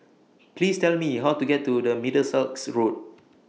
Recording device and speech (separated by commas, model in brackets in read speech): mobile phone (iPhone 6), read sentence